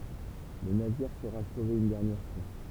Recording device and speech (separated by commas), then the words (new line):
temple vibration pickup, read sentence
Le navire sera sauvé une dernière fois.